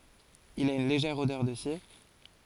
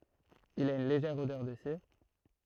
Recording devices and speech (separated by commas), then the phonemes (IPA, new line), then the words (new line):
forehead accelerometer, throat microphone, read sentence
il a yn leʒɛʁ odœʁ də siʁ
Il a une légère odeur de cire.